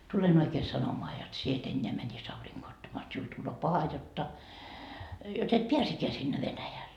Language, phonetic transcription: Finnish, » 'tulen oikee 'sanomoa jot 'sie et 'eńńeä mäńis 'auriŋGoo 'ottamaa jot siul tulloo "paha jotta , jot ‿et "piäsekkeä sinne Venäjäl . »
- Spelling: tulen oikein sanomaan jotta sinä et enää menisi aurinkoa ottamaan jotta sinulle tulee paha jotta jotta et pääsekään sinne Venäjälle

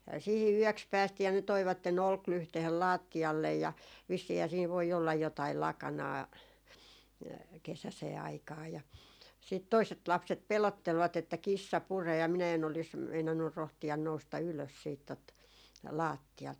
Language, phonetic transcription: Finnish, sihi 'yöks 'päästii ja ne 'toivatte'n ‿olklyhtehen "laatti₍allej ja , vissiihää siin voi 'ollaj 'jotail "lakanaa , 'kesäsee aikaa ja , sìt 'toiset 'lapset 'pelottelvat ‿että » "kissa 'puree » ja minä en olis , 'meinannur 'rohti₍an 'nousta 'ylös siit tot , "laattialt .
- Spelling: siihen yöksi päästiin ja ne toivat olkilyhteen lattialle ja vissiinhän siinä voi olla jotakin lakanaa kesäiseen aikaan ja sitten toiset lapset pelottelivat että kissa puree ja minä en olisi meinannut rohtia nousta ylös siitä tuota lattialta

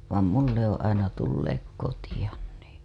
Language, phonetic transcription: Finnish, vàm "mun ‿ne ‿oo̰ aina tulleek 'kotiʲan nì .
- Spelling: vaan minun ne on aina tulleet kotiin niin

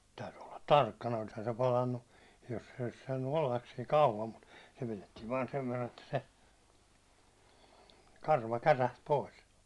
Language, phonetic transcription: Finnish, täyty olla "tarkkana olishan se 'palannu , jos se olis saannu "ollas siiŋ 'kauvam mut , se pilettiiv vaan 'sev verran että 'se , "karva 'käräht 'pois .
- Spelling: täytyi olla tarkkana olisihan se palanut jos se olisi saanut olla siinä kauan mutta se pidettiin vain sen verran että se karva kärähti pois

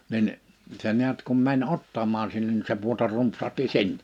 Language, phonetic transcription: Finnish, 'nin , se ni̬ät kum 'män "ottamaan 'sinnen ni se 'puotar 'rumpsahti "sinn[e] .
- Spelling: niin se näet kun meni ottamaan sinne niin se pudota rumpsahti sinne

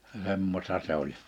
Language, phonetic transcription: Finnish, 'semmosta se ‿oĺ .
- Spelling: semmoista se oli

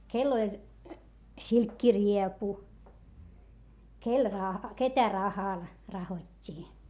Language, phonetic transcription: Finnish, kell ‿oĺ , silkkiriepu , kel raha- , ketä rahal , rahot́t́ii .
- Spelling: kenellä oli silkkiriepu kenellä - ketä rahalla rahottiin

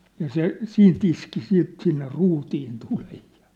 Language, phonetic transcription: Finnish, ja "se , "siint ‿iski siit sinne 'ruutiin 'tulej ᴊᴀ ,.
- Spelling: ja se siitä iski siitä sinne ruutiin tulen ja

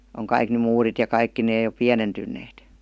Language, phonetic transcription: Finnish, oŋ 'kaik ny "muurit ja 'kaikki nee jo "piänentyn̆neet .
- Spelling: on kaikki nyt muurit ja kaikki ne jo pienentyneet

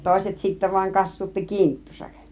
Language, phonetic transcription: Finnish, 'tòiset sittä vaiŋ "kassuutti "kinttusak .
- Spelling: toiset sitten vain kassuutti kinttunsa

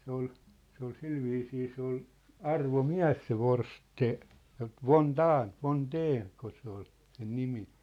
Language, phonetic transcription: Finnish, se ‿ol , se ‿ol 'silviisii se ‿ol , "arvo"miä̭s se "Vors- , tse , "von "Daan , 'von "Deen , -ko se ‿ol , sen "nimi .
- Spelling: se oli se oli sillä viisiin se oli arvomies se - Forstén von Daehn von Daehn kun se oli sen nimi

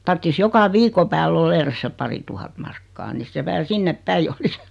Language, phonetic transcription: Finnish, tarttis 'joka 'viiko pääll ‿o'l ‿eres se 'pari tuhat 'markkaa nis 'se (vähä) 'sinnep "päij ‿olis .
- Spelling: tarvitsisi joka viikon päälle olla edes se pari tuhatta markkaa niin se vähän sinne päin olisi

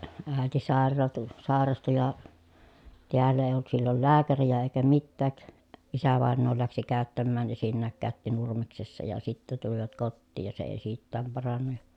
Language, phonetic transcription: Finnish, ä̀eti sàerraatu , sàerastu ja , tiällä èi̮j ‿olt sillol lääkärijä èikä mittääk , isävàennoo läksi kä̀öttämmään esinnääŋ kä̀ötti Nurmeksessa ja sittä tulivat kottiij ja se èi siittääm paranna ja ,.
- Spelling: äiti sairastui sairastui ja täällä ei ollut silloin lääkäriä eikä mitään isävainaja lähti käyttämään esinnäkin käytti Nurmeksessa ja sitten tulivat kotiin ja se ei siitäkään parantunut ja

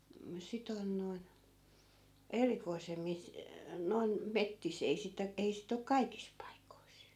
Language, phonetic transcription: Finnish, m- 'sit ‿on noi̮n , 'erikoisemmis , noi̮n , 'mettis , 'ei sitä , 'ei sit ‿ok "kaikis paikois .
- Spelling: - sitä on noin erikoisemmissa noin metsissä ei sitä ei sitten ole kaikissa paikoissa

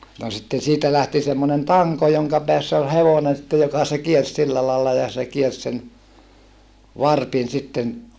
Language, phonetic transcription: Finnish, no sitten̬ siitä lähti semmonen taŋko joŋka peäss ‿ol hevonen sⁱtte joka se kiers silla laalla ja se kiers sen , varpin sitten ,.
- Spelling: no sitten siitä lähti semmoinen tanko jonka päässä oli hevonen sitten joka se kiersi sillä lailla ja se kiersi sen varpin sitten

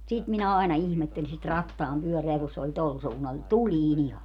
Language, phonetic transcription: Finnish, 'sit minä àena 'ihmetteli sit "rattaampyöreä ku se oĺ 'tol suunnal ni "tulii'n ‿iha .
- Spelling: sitä minä aina ihmettelin sitä rattaanpyörää kun se oli tuolla suunnalla niin tulinen ihan

